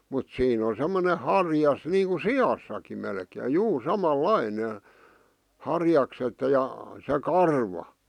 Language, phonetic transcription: Finnish, mut 'siin ‿o semmone "harjas niiŋku "si₍assaki melkee "juu 'sama"laine , 'harjakset ja , se 'karva .
- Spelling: mutta siinä on semmoinen harjas niin kuin siassakin melkein juu samanlainen harjakset ja se karva

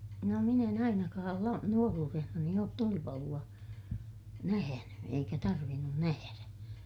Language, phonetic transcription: Finnish, no min ‿en ‿ainakaal la- , nuoruurehnani oot tulipalu₍a , nähäny , eikä tarvinnun nähärä .
- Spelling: no minä en ainakaan - nuoruudessani ole tulipaloa nähnyt eikä tarvinnut nähdä

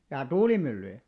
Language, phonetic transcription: Finnish, jaa "tuulimyllyjä ?
- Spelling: jaa tuulimyllyjä

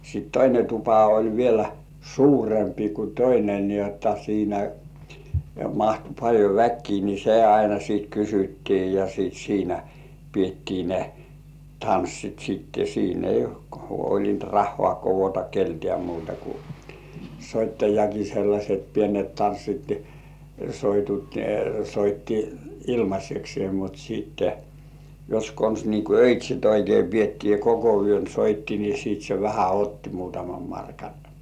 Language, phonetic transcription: Finnish, sit 'toine tupa oĺ vielä "suurempi ku 'toine ni ‿otta siinä , 'mahtu paĺjo "väkkii ni "se 'aina siit 'kysyttii ja sìt siinä , 'pietti ne , "tanssit sitte siin ‿ei 'huoĺint "rahhŏà kovota 'keltĕä̀ muuta ku , "soittajaki sellaset pienet 'tanssit , soitut , soitti "ilmaseksĭè mut siitte , jos kons nii ku "öit́śit oikei 'piettii ja "koko yön 'soitti ni sìt se "vähä otti 'muutamam markaɴ .
- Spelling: sitten toinen tupa oli vielä suurempi kuin toinen niin jotta siinä mahtui paljon väkeä niin se aina sitten kysyttiin ja sitten siinä pidettiin ne tanssit sitten siinä ei huolinut rahaa koota keneltäkään muuta kuin soittajakin sellaiset pienet tanssit soitut soitti ilmaiseksi mutta sitten jos konsa niin kuin öitsit oikein pidettiin ja koko yön soitti niin sitten se vähän otti muutaman markan

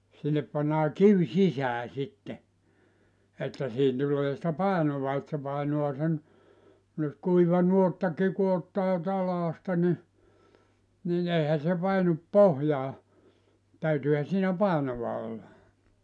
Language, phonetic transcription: Finnish, 'sinnep pannaa 'kiw "sisää sitte , että siiʰin 'tul̀ee sⁱtä "pàenova et se 'pàenoa sen , nyt 'kuiva 'nuottaki ku ottaa 'talaasta ni , ni'n ‿eihä se 'painup "pohjaa , 'täytyyhä siinä 'pàenova olla .
- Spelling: sinne pannaan kivi sisään sitten että siihen tulee sitä painoa että se painaa sen nyt kuiva nuottakin kun ottaa talaasta niin niin eihän se painu pohjaan täytyyhän siinä painoa olla

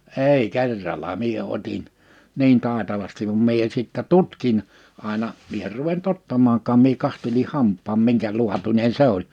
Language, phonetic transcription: Finnish, 'èi 'kerrala 'mie 'ot́in , "niin 'tàetavastiv v(am) 'mie sittä "tutkin , àena , 'mie er ruvent 'ottammaaŋkaam mie 'kanteli 'hamp̆paam 'miŋkä'luatuńe(n) 'se ‿oĺ .
- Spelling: ei kerralla minä otin niin taitavasti vaan minä sitten tutkin aina minä en ruvennut ottamaankaan minä katselin hampaan minkä laatuinen se oli

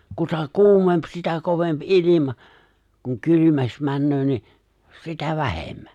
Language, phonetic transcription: Finnish, kuta "kuumemp 'sitä 'kovemp "’ilima , kuŋ "kylymäks 'männöö ni , 'sitä "vähemmä .
- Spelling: kuta kuumempi sitä kovempi ilma kun kylmemmäksi menee niin sitä vähemmän

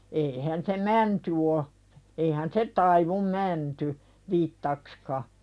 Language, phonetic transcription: Finnish, 'eihän se "mänty o , eihän "se taivum 'mänty , vittakska .
- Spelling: eihän se mänty on eihän se taivu mänty vitsaksikaan

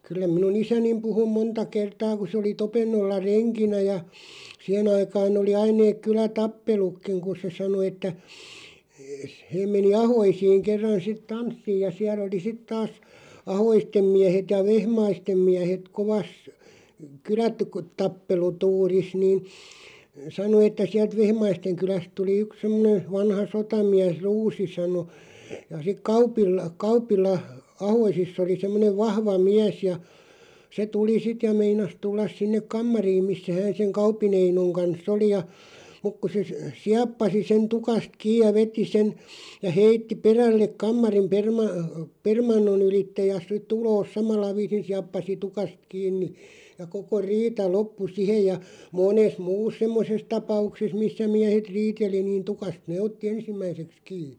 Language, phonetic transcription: Finnish, 'kyllä minu"n ‿isänim puhu "monta 'kertaa ku se oli 'Topennolla "reŋkinä ja , 'siäʰen ‿aikaan ‿oli 'ain neek 'kylä"tappelukkiŋ ku se 'sano että , s- 'heeᵐ meni "Ahoisiiŋ 'kerran 'sit "tanssiij ja 'siälˡ ‿oli 'sit taas , "Ahoistem 'miähet ja "Vehmaistem 'miähet 'kovas , "kylätu- ku- '-tappelu'tuuris niin , 'sano että 'siält "Vehmaisteŋ 'kyläst tuli 'yk 'semmᵒnen̬ 'vanha "sotamiäs "Ruusi 'sano , ja sik 'Kaupil(la) "Kaup̀illa , 'Ahoisiss ‿oli 'semmonev "vahva 'miäs ja , se 'tuli 'sit ja 'meinas 'tullas 'sinnek "kammariim 'missä 'hään seŋ "Kaup̀i'n ‿Einoŋ 'kans"s ‿oli ja , 'muk ku se , "siappasi 'sen "tukast 'kiiʲ ja 'veti 'sen , ja 'heitti "perälleᵏ 'kammarim 'perma- , "permanno'n ‿ylitte ja si't ‿uloos "samalla 'viisin 'siappas , 'tukast 'kiinni , ja 'koko "riita 'loppu "sihej ja 'moones "muus 'semmoses 'tapaukses 'missä 'miähet "riiteli niin 'tukast "nee otti "ensimmäiseks 'kii .
- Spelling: kyllä minun isäni puhui monta kertaa kun se oli Topennolla renkinä ja siihen aikaan oli aina ne kylätappelukin kun se sanoi että - he meni Ahoisiin kerran sitten tanssiin ja siellä oli sitten taas Ahoisten miehet ja Vehmaisten miehet kovassa - - kylätappelutuurissa niin sanoi että sieltä Vehmaisten kylästä tuli yksi semmoinen vanha sotamies Ruusi sanoi ja sitten Kaupilla Kaupilla Ahoisissa oli semmoinen vahva mies ja se tuli sitten ja meinasi tulla sinne kamariin missä hän sen Kaupin Einon kanssa oli ja mutta kun se sieppasi sen tukasta kiinni ja veti sen ja heitti perälle kammarin - permannon ylitse ja sitten ulos samalla viisin sieppasi tukasta kiinni ja koko riita loppui siihen ja monessa muussa semmoisessa tapauksessa missä miehet riiteli niin tukasta ne otti ensimmäiseksi kiinni

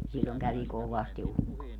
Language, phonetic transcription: Finnish, siĺĺoŋ kävi "kovasti 'ukkoi̮ .
- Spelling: silloin kävi kovasti ukkonen

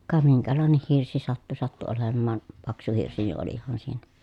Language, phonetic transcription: Finnish, ka miŋkälàeneh hirsi sattu sattu olemmaan , paksu hirsi ni ʼolih̆haan siinä .
- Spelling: ka minkälainen hirsi sattui sattui olemaan paksu hirsi niin olihan siinä

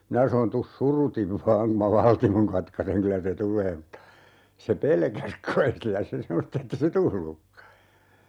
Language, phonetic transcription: Finnish, 'minä sanon » 'tus "surutiv 'vaaŋ ku ma "valtimoŋ 'katkaseŋ 'kylä se "tul̀ee » (mutta) , se 'pelkäs kai , 'sillä se "semmost ‿ette se "tullukka .
- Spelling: minä sanoin tule surutta vain kun minä valtimon katkaisen kyllä se tulee mutta se pelkäsi kai sillä se semmoista että ei se tullutkaan

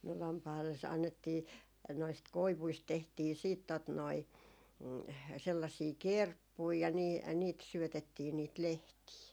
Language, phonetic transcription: Finnish, no lampai̮lles- , 'annettii , noist 'koivuist tehtii siit tot noi , sellasii "kerppui ja nii , ja niit 'syötettii niit 'lehtii .
- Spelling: no lampaille annettiin noista koivuista tehtiin sitten tuota noin sellaisia kerppuja ja niin ja niitä syötettiin niitä lehtiä

